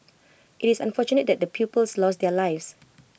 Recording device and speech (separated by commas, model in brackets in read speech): boundary microphone (BM630), read sentence